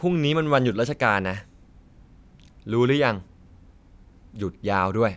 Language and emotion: Thai, frustrated